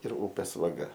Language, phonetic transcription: Lithuanian, ir ˈūpės vaˈga

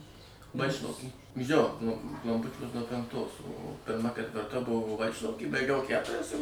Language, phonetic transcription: Lithuanian, maˈšinos jo nu klamˈpučiuos nuo penˈktos o pirˈma ketvirˈta ˈbuvo ˈvaičlauky baiˈgiau ˈkæturias ir

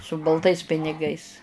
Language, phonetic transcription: Lithuanian, su balˈtais piniˈgais

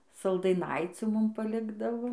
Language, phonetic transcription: Lithuanian, saldaiˈnaicių ˈmum paˈlikdavo

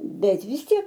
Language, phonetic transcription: Lithuanian, ˈbet vis ˈtiek

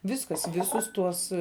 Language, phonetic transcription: Lithuanian, ˈviskas ˈvisus ˈtuos

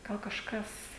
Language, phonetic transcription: Lithuanian, ˈgal kažˈkas

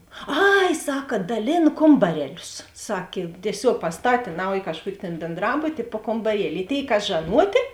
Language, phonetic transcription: Lithuanian, ˈai ˈsaka daˈlėn ˈkombareˌlius ˈsakė tieˈsiog pasˈtatė ˈnauji kažˈkuoki tėn bėnˈdrabuti i po kombaˈrieli i ˈtėi ˈkas žaˈnuotė

